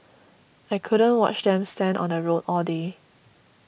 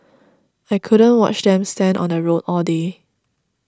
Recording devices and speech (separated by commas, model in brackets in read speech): boundary microphone (BM630), standing microphone (AKG C214), read sentence